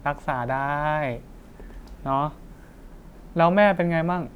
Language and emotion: Thai, happy